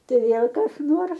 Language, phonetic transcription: Lithuanian, ˈtai ˈvėl kas ˈnors

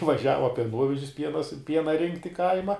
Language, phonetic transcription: Lithuanian, vaˈžiava pieˈnuovežis ˈpiena su ˈpiena ˈrinkt' i ˈkaima

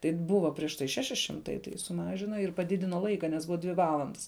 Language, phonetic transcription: Lithuanian, tai ˈbuva prieš ˈtai ˈšeši ˈšimtai tai suˈmažina ir paˈdidino ˈlaika nes ˈbuva ˈdvi ˈvalandas

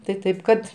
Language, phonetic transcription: Lithuanian, tai ˈtaip kad

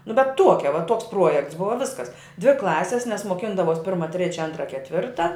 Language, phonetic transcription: Lithuanian, nu bet ˈtuokia va ˈtuoks ˈpruojekts ˈbuva ˈviskas dvi ˈklasis nes moˈkindavos ˈpirma ˈtrėčia ˈantra ketˈvirta

